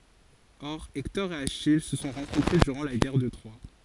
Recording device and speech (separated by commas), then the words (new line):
forehead accelerometer, read sentence
Or Hector et Achille se sont rencontrés durant la Guerre de Troie.